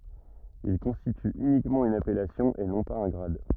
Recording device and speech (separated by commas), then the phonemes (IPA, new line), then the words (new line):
rigid in-ear microphone, read sentence
il kɔ̃stity ynikmɑ̃ yn apɛlasjɔ̃ e nɔ̃ paz œ̃ ɡʁad
Il constitue uniquement une appellation et non pas un grade.